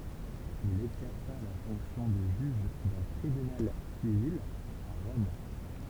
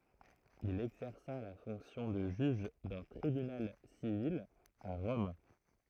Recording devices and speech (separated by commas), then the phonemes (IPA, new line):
temple vibration pickup, throat microphone, read sentence
il ɛɡzɛʁsa la fɔ̃ksjɔ̃ də ʒyʒ dœ̃ tʁibynal sivil a ʁɔm